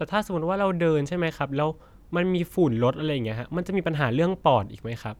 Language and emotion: Thai, neutral